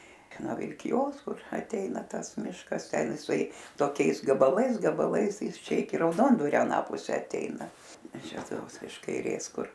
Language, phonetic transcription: Lithuanian, no vilkiˈjos ˈkur aˈteina ˈtas ˈmiškas ˈten iˈsai toˈkiais gabaˈlais gabaˈlais ˈjis ˈčia iˈki rauˈdondvario aˈną puˈse atˈeina ˈis ˈčia ˈtoks iš kaiˈrės ˈkur

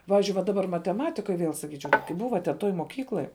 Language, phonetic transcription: Lithuanian, ˈpavizdžiui va daˈbar mateˈmatikoj ˈviel saˈkyčiau kai ˈbuva ten ˈtoj moˈkykloj

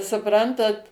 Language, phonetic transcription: Lithuanian, suˈprantat

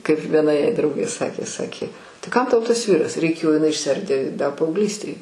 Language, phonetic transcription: Lithuanian, kaip vieˈna jai ˈdraugė ˈsakė ˈsakė tai ˈkam tau ˈtas ˈvyras reiˈkėjo jiˈnai išsˈiardė da paaugˈlystėj

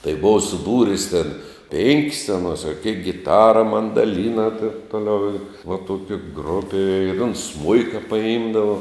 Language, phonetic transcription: Lithuanian, tai ˈbova suˈbūris tėn ˈpėnkis aˈnos a kėk giˈtara mandaˈlyna tėn ˈtoˌliau i va ˈtuoki ˈgrupi ir uns ˈsmuika paˈimdava

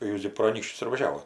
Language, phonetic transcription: Lithuanian, ˈjūs gi pro aˈnykščius ir vaˈžiavot

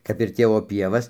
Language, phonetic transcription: Lithuanian, kap ir ˈtėvo ˈpievas

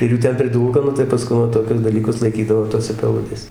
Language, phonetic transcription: Lithuanian, ir ˈjų ˈten priˈdūlka nu tai paˈskun va toˈkius daˈlykus laiˈkydavo ˈtose peˈludėse

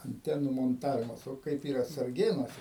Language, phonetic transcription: Lithuanian, anˈtenų monˈtavimas ˈo ˈkaip ˈyra sarˈgėnuose

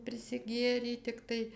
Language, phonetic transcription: Lithuanian, prisiˈgėrei tikˈtai

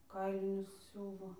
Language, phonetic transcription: Lithuanian, ˈkailinius ˈsiūvo

